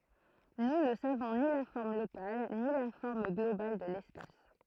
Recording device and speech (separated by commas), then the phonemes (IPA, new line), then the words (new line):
throat microphone, read sentence
nu nə savɔ̃ ni la fɔʁm lokal ni la fɔʁm ɡlobal də lɛspas
Nous ne savons ni la forme locale ni la forme globale de l'espace.